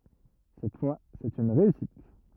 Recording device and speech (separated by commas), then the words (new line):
rigid in-ear microphone, read sentence
Cette fois, c’est une réussite.